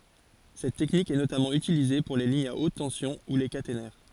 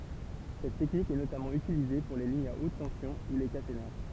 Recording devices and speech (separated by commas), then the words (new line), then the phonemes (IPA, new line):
forehead accelerometer, temple vibration pickup, read sentence
Cette technique est notamment utilisée pour les lignes à haute tension ou les caténaires.
sɛt tɛknik ɛ notamɑ̃ ytilize puʁ le liɲz a ot tɑ̃sjɔ̃ u le katenɛʁ